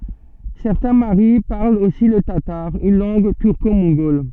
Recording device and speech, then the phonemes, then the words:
soft in-ear microphone, read sentence
sɛʁtɛ̃ maʁi paʁlt osi lə tataʁ yn lɑ̃ɡ tyʁkomɔ̃ɡɔl
Certains Maris parlent aussi le tatar, une langue turco-mongole.

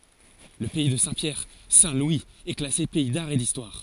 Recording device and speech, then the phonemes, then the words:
forehead accelerometer, read sentence
lə pɛi də sɛ̃tpjɛʁ sɛ̃tlwiz ɛ klase pɛi daʁ e distwaʁ
Le pays de Saint-Pierre - Saint-Louis est classé pays d'art et d'histoire.

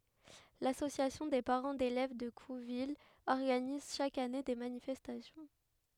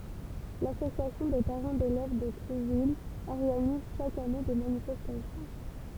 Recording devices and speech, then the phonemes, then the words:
headset microphone, temple vibration pickup, read sentence
lasosjasjɔ̃ de paʁɑ̃ delɛv də kuvil ɔʁɡaniz ʃak ane de manifɛstasjɔ̃
L'Association des parents d’élèves de Couville organise chaque année des manifestations.

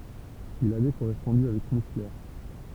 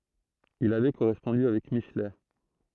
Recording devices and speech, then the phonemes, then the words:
temple vibration pickup, throat microphone, read sentence
il avɛ koʁɛspɔ̃dy avɛk miʃlɛ
Il avait correspondu avec Michelet.

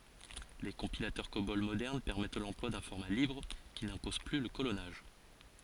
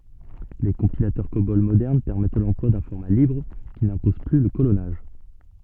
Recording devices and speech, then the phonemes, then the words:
forehead accelerometer, soft in-ear microphone, read sentence
le kɔ̃pilatœʁ kobɔl modɛʁn pɛʁmɛt lɑ̃plwa dœ̃ fɔʁma libʁ ki nɛ̃pɔz ply lə kolɔnaʒ
Les compilateurs Cobol modernes permettent l'emploi d'un format libre qui n'impose plus le colonnage.

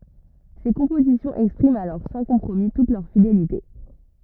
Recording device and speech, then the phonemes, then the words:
rigid in-ear microphone, read sentence
se kɔ̃pozisjɔ̃z ɛkspʁimt alɔʁ sɑ̃ kɔ̃pʁomi tut lœʁ fidelite
Ses compositions expriment alors sans compromis toute leur fidélité.

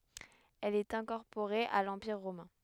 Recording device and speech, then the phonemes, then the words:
headset microphone, read sentence
ɛl ɛt ɛ̃kɔʁpoʁe a lɑ̃piʁ ʁomɛ̃
Elle est incorporée à l'Empire romain.

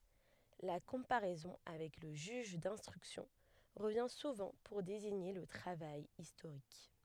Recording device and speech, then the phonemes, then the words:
headset microphone, read sentence
la kɔ̃paʁɛzɔ̃ avɛk lə ʒyʒ dɛ̃stʁyksjɔ̃ ʁəvjɛ̃ suvɑ̃ puʁ deziɲe lə tʁavaj istoʁik
La comparaison avec le juge d'instruction revient souvent pour désigner le travail historique.

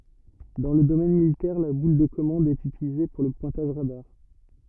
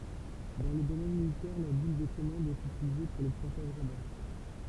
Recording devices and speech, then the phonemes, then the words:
rigid in-ear microphone, temple vibration pickup, read sentence
dɑ̃ lə domɛn militɛʁ la bul də kɔmɑ̃d ɛt ytilize puʁ lə pwɛ̃taʒ ʁadaʁ
Dans le domaine militaire, la boule de commande est utilisée pour le pointage radar.

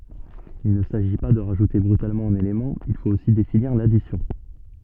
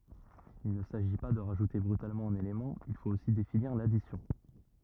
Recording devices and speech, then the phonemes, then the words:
soft in-ear microphone, rigid in-ear microphone, read sentence
il nə saʒi pa də ʁaʒute bʁytalmɑ̃ œ̃n elemɑ̃ il fot osi definiʁ ladisjɔ̃
Il ne s'agit pas de rajouter brutalement un élément, il faut aussi définir l'addition.

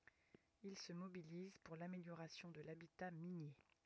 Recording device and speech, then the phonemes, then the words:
rigid in-ear microphone, read sentence
il sə mobiliz puʁ lameljoʁasjɔ̃ də labita minje
Il se mobilise pour l'amélioration de l'habitat minier.

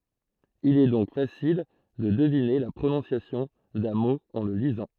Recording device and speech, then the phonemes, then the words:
throat microphone, read sentence
il ɛ dɔ̃k fasil də dəvine la pʁonɔ̃sjasjɔ̃ dœ̃ mo ɑ̃ lə lizɑ̃
Il est donc facile de deviner la prononciation d'un mot en le lisant.

